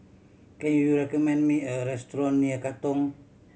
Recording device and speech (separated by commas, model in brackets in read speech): mobile phone (Samsung C7100), read sentence